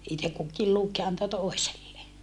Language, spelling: Finnish, itse kukin luki ja antoi toiselle
- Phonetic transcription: itek kukkiil luk ja anto tòi̮selle .

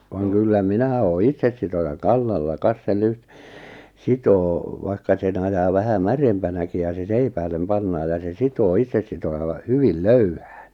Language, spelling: Finnish, vaan kyllä minä olen itsesitojan kannalla kas se - sitoo vaikka sen ajaa vähän märempänäkin ja se seipäälle pannaan ja se sitoo itsesitojalla hyvin löyhään
- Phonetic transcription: vaaŋ kyllä 'minä oo 'itsessitojaŋ "kannalla 'kas se 'lyht- , 'sitoo , 'vaikka sen 'ajaa 'vähä "märempänäki ja se 'seipäälem 'pannaa ja se 'sitoo 'itsessitoja(lla) 'hyvil "löyhᴀ̈ᴀ̈ɴ .

